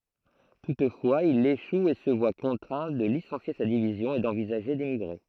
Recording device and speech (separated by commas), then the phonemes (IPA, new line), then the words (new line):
throat microphone, read sentence
tutfwaz il eʃu e sə vwa kɔ̃tʁɛ̃ də lisɑ̃sje sa divizjɔ̃ e dɑ̃vizaʒe demiɡʁe
Toutefois il échoue et se voit contraint de licencier sa division et d'envisager d'émigrer.